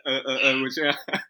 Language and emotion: Thai, happy